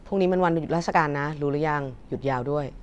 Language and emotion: Thai, neutral